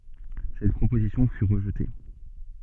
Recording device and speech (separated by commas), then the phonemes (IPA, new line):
soft in-ear microphone, read sentence
sɛt pʁopozisjɔ̃ fy ʁəʒte